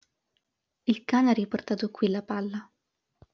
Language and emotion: Italian, neutral